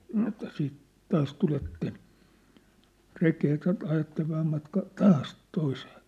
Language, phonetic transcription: Finnish, sano että » siit , 'taas tuletten , 'rekee ja ta- , ajattev 'vähäm matkaa , "taas , 'toisee .
- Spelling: sanoi että sitten taas tulette rekeen ja - ajatte vähän matkaa taas toiseen

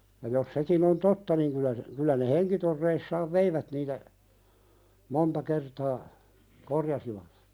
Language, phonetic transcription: Finnish, ja jos 'sekin ‿on "totta niŋ kylä se , kylä ne 'heŋkitorreissaav "veivät niitä , 'monta kertaa , "korjasivat .
- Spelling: ja jos sekin on totta niin kyllä se kyllä ne henkitoreissaan veivät niitä monta kertaa korjasivat

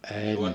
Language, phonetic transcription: Finnish, 'èi mi- .
- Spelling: ei -

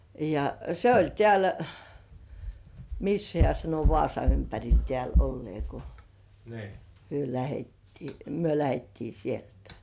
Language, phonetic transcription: Finnish, ja se 'oĺ "tĕä̀l , 'missä hĕä̀ sano "Vŏàsa ympäŕil 'tĕä̀l ollĭè ko , 'hyö lähettii , "myö lähettii 'sieltᴀ̈ .
- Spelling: ja se oli täällä missä hän sanoi Vaasan ympärillä täällä olleen kun he lähdettiin me lähdettiin sieltä

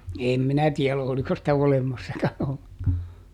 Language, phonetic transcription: Finnish, ˈèm "minä ˈtiɛl oliko sitä ˈolemassakan olleŋkaa .
- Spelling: en minä tiedä oliko sitä olemassakaan ollenkaan

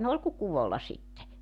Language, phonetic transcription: Finnish, ne ol ku 'kuvolla 'sitte .
- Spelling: ne oli kuin kuvolla sitten

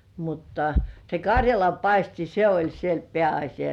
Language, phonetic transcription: Finnish, mutta se "kaŕjalampaisti 'se oĺ siel "peä₍aśija .
- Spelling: mutta se karjalanpaisti se oli siellä pääasia

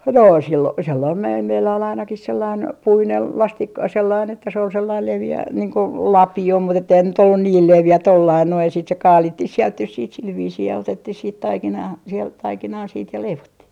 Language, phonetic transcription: Finnish, 'no , 'sil - sellaim mel - meillä ol ainakih sellain , 'puinel "lastik- , 'sellain että se ol 'sellail 'levi₍ä niiŋ ko , "lapi₍o mut ‿etteihän se nyt ollun 'niil "levi₍ä 'tollain noij ja siit se "kaalittih 'sielt nys siit 'sil 'viisii ja 'otettih siit 'taikinaa , sielt 'taikinaa sit ja 'leivottih .
- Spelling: no - sellainen - meillä oli ainakin sellainen puinen - sellainen että se oli sellainen leveä niin kuin lapio mutta että eihän se nyt ollut niin leveä tuolla lailla noin ja sitten se kaavittiin sieltä nyt sitten sillä viisiin ja otettiin sitten taikinaa sieltä taikinaa sitten ja leivottiin

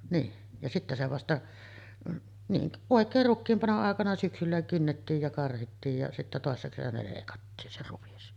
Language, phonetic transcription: Finnish, niin , ja sittä se vasta , niin , 'òek̀eer rukkiim 'panoˀ ˀàekana syksyllä 'kynnettiij ja 'karhittiij ja , sittä 'tòessa kesänä lèikattiin 'se 'ruvis .
- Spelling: niin ja sitten se vasta niin oikein rukiin panon aikana syksyllä kynnettiin ja karhittiin ja sitten toisena kesänä leikattiin se ruis

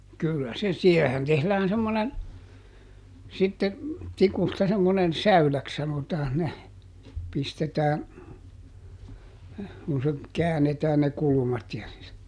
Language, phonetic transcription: Finnish, ˈkyllä se , ˈsiɛhehän tehlään ˈsemmonen , sitte , ˈtikusta semmonen "säyläks sanotaan ne , ˈpistetään , kun se , "käänetään ne ˈkulumat ja -- ,.
- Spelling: kyllä se siihenhän tehdään semmoinen sitten tikusta semmoinen säyläksi sanotaan ne pistetään kun se käännetään ne kulmat ja -

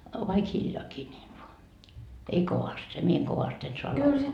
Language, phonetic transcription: Finnish, vaik 'hiljoakii nii ei voa , 'ei kovast , se 'mie eŋ "kovast en soa 'lauloa .
- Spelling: vaikka hiljaakin niin ei vaan ei kovasti se minä en kovasti en saa laulaa

